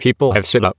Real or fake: fake